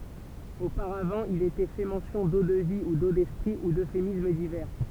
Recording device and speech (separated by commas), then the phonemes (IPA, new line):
temple vibration pickup, read sentence
opaʁavɑ̃ il etɛ fɛ mɑ̃sjɔ̃ do də vi u do dɛspʁi u døfemism divɛʁ